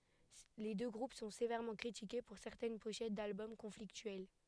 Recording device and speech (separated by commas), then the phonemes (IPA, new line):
headset microphone, read sentence
le dø ɡʁup sɔ̃ sevɛʁmɑ̃ kʁitike puʁ sɛʁtɛn poʃɛt dalbɔm kɔ̃fliktyɛl